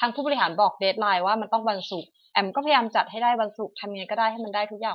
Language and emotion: Thai, frustrated